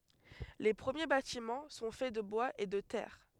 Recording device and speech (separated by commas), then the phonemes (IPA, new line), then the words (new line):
headset microphone, read sentence
le pʁəmje batimɑ̃ sɔ̃ fɛ də bwaz e də tɛʁ
Les premiers bâtiments sont faits de bois et de terre.